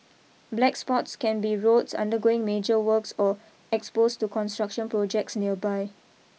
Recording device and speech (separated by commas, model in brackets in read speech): mobile phone (iPhone 6), read sentence